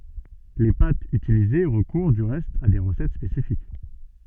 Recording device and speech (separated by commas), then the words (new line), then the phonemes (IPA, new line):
soft in-ear microphone, read sentence
Les pâtes utilisées recourent du reste à des recettes spécifiques.
le patz ytilize ʁəkuʁ dy ʁɛst a de ʁəsɛt spesifik